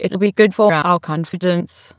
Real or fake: fake